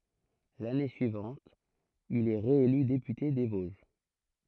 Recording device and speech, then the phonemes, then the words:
throat microphone, read sentence
lane syivɑ̃t il ɛ ʁeely depyte de voʒ
L'année suivante, il est réélu député des Vosges.

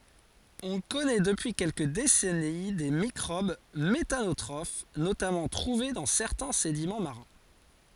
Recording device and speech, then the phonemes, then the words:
forehead accelerometer, read sentence
ɔ̃ kɔnɛ dəpyi kɛlkə desɛni de mikʁob metanotʁof notamɑ̃ tʁuve dɑ̃ sɛʁtɛ̃ sedimɑ̃ maʁɛ̃
On connait depuis quelques décennies des microbes méthanotrophes, notamment trouvés dans certains sédiments marins.

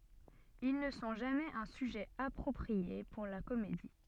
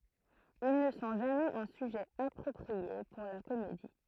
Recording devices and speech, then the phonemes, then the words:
soft in-ear microphone, throat microphone, read sentence
il nə sɔ̃ ʒamɛz œ̃ syʒɛ apʁɔpʁie puʁ la komedi
Ils ne sont jamais un sujet approprié pour la comédie.

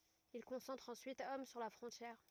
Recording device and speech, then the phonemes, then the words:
rigid in-ear microphone, read sentence
il kɔ̃sɑ̃tʁt ɑ̃syit ɔm syʁ la fʁɔ̃tjɛʁ
Ils concentrent ensuite hommes sur la frontière.

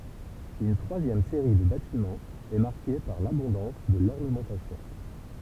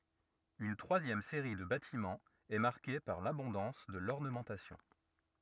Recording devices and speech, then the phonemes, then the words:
temple vibration pickup, rigid in-ear microphone, read sentence
yn tʁwazjɛm seʁi də batimɑ̃z ɛ maʁke paʁ labɔ̃dɑ̃s də lɔʁnəmɑ̃tasjɔ̃
Une troisième série de bâtiments est marquée par l’abondance de l’ornementation.

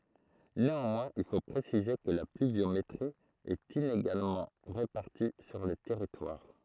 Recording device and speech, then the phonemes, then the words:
throat microphone, read sentence
neɑ̃mwɛ̃z il fo pʁesize kə la plyvjometʁi ɛt ineɡalmɑ̃ ʁepaʁti syʁ lə tɛʁitwaʁ
Néanmoins il faut préciser que la pluviométrie est inégalement répartie sur le territoire.

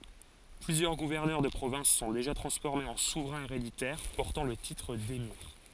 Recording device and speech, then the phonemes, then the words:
forehead accelerometer, read sentence
plyzjœʁ ɡuvɛʁnœʁ də pʁovɛ̃s sɔ̃ deʒa tʁɑ̃sfɔʁmez ɑ̃ suvʁɛ̃z eʁeditɛʁ pɔʁtɑ̃ lə titʁ demiʁ
Plusieurs gouverneurs de provinces sont déjà transformés en souverains héréditaires, portant le titre d'émir.

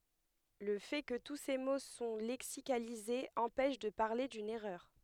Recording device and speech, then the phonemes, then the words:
headset microphone, read sentence
lə fɛ kə tu se mo sɔ̃ lɛksikalizez ɑ̃pɛʃ də paʁle dyn ɛʁœʁ
Le fait que tous ces mots sont lexicalisés empêche de parler d'une erreur.

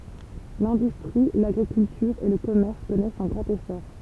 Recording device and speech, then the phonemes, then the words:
temple vibration pickup, read sentence
lɛ̃dystʁi laɡʁikyltyʁ e lə kɔmɛʁs kɔnɛst œ̃ ɡʁɑ̃t esɔʁ
L'industrie, l'agriculture et le commerce connaissent un grand essor.

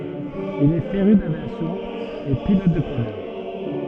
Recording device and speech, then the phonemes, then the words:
soft in-ear microphone, read sentence
il ɛ feʁy davjasjɔ̃ e pilɔt də planœʁ
Il est féru d’aviation et pilote de planeur.

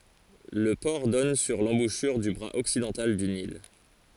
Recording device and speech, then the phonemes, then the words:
forehead accelerometer, read sentence
lə pɔʁ dɔn syʁ lɑ̃buʃyʁ dy bʁaz ɔksidɑ̃tal dy nil
Le port donne sur l'embouchure du bras occidental du Nil.

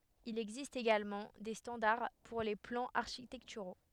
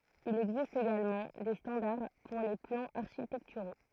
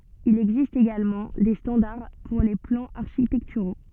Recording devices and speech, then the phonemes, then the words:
headset microphone, throat microphone, soft in-ear microphone, read sentence
il ɛɡzist eɡalmɑ̃ de stɑ̃daʁ puʁ le plɑ̃z aʁʃitɛktyʁo
Il existe également des standards pour les plans architecturaux.

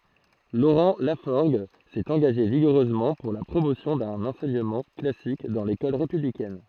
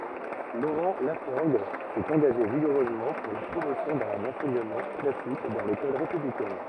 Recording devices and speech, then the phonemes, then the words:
throat microphone, rigid in-ear microphone, read sentence
loʁɑ̃ lafɔʁɡ sɛt ɑ̃ɡaʒe viɡuʁøzmɑ̃ puʁ la pʁomosjɔ̃ dœ̃n ɑ̃sɛɲəmɑ̃ klasik dɑ̃ lekɔl ʁepyblikɛn
Laurent Lafforgue s'est engagé vigoureusement pour la promotion d'un enseignement classique dans l'école républicaine.

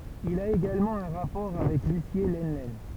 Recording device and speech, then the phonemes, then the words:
temple vibration pickup, read sentence
il a eɡalmɑ̃ œ̃ ʁapɔʁ avɛk lysje lənlɛn
Il a également un rapport avec Lucié Lenlen.

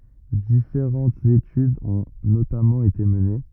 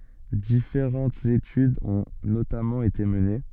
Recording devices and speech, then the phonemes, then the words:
rigid in-ear microphone, soft in-ear microphone, read sentence
difeʁɑ̃tz etydz ɔ̃ notamɑ̃ ete məne
Différentes études ont notamment été menées.

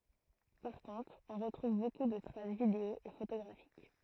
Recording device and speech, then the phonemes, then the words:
throat microphone, read sentence
paʁ kɔ̃tʁ ɔ̃ ʁətʁuv boku də tʁas video e fotoɡʁafik
Par contre, on retrouve beaucoup de traces vidéo et photographiques.

